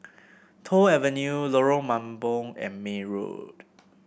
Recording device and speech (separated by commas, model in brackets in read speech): boundary microphone (BM630), read sentence